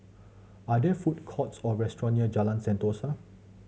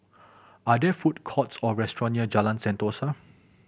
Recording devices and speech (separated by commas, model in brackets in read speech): mobile phone (Samsung C7100), boundary microphone (BM630), read sentence